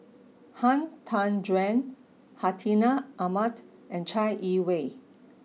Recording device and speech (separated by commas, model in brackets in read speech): mobile phone (iPhone 6), read sentence